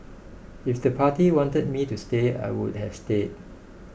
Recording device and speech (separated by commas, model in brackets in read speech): boundary microphone (BM630), read sentence